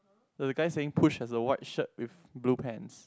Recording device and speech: close-talking microphone, conversation in the same room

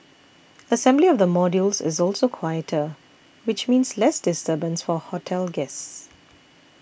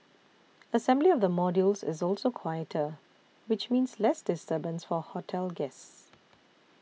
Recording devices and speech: boundary microphone (BM630), mobile phone (iPhone 6), read sentence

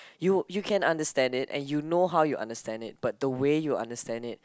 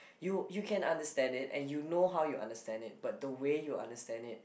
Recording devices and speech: close-talking microphone, boundary microphone, conversation in the same room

